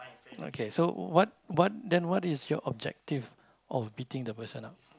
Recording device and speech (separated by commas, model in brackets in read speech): close-talking microphone, conversation in the same room